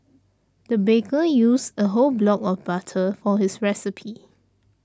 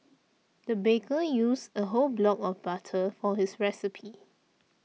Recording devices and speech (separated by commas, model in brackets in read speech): standing microphone (AKG C214), mobile phone (iPhone 6), read sentence